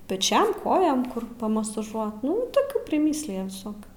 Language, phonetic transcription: Lithuanian, peˈčiam ˈkojom ˈkur pamasaˈžuot ˈnu toˈkių priˈmyslija viˈsokių

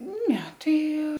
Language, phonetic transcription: Lithuanian, ˈne ˈtai

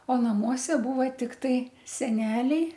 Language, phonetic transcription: Lithuanian, o naˈmuose ˈbūva ˈtiktai seˈneliai

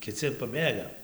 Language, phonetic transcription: Lithuanian, kiˈci paˈbėga

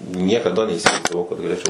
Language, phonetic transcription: Lithuanian, niekaˈda neįsivaizdaˈvau kad galėˈčiau

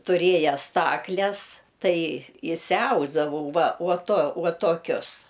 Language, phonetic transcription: Lithuanian, tuˈrėja ˈstakles ˈtai išsiˈausdavau ˈva uo tuo ˈuo toˈkius

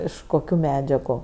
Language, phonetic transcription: Lithuanian, ˈiš koˈkių ˈmedžiagu

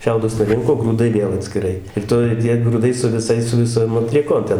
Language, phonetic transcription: Lithuanian, ˈšiaudus nuˈrinko grūˈdai ˈvėl atskiˈrai ir ˈtoj ˈtie gruˈdai su viˈsais su viˈsom atlieˈkom ten

